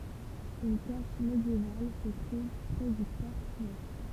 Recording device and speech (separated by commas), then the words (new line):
temple vibration pickup, read sentence
Une cache médiévale se trouve près du porche ouest.